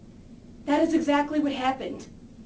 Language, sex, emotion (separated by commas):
English, female, neutral